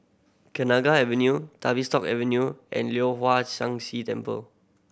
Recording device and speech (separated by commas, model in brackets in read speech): boundary microphone (BM630), read sentence